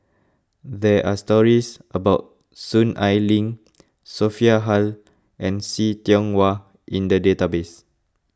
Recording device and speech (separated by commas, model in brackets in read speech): close-talking microphone (WH20), read sentence